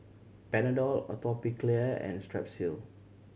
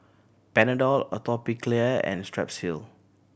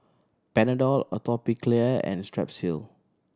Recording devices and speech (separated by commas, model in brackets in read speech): mobile phone (Samsung C7100), boundary microphone (BM630), standing microphone (AKG C214), read sentence